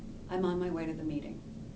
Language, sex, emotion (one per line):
English
female
neutral